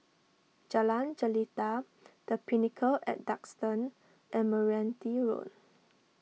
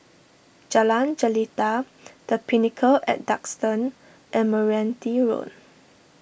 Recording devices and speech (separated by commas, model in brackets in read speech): mobile phone (iPhone 6), boundary microphone (BM630), read sentence